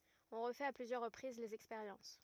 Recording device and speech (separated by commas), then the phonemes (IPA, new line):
rigid in-ear microphone, read sentence
ɔ̃ ʁəfɛt a plyzjœʁ ʁəpʁiz lez ɛkspeʁjɑ̃s